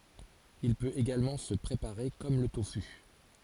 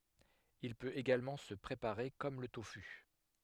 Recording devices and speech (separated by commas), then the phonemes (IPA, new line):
forehead accelerometer, headset microphone, read sentence
il pøt eɡalmɑ̃ sə pʁepaʁe kɔm lə tofy